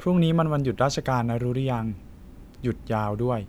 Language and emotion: Thai, neutral